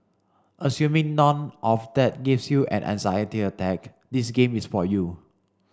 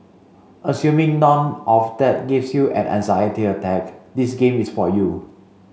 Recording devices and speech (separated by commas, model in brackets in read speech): standing microphone (AKG C214), mobile phone (Samsung C5), read sentence